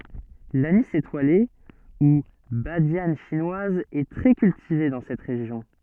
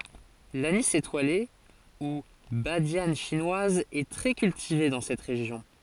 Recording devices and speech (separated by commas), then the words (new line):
soft in-ear microphone, forehead accelerometer, read sentence
L'anis étoilé, ou badiane chinoise est très cultivée dans cette région.